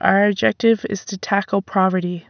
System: none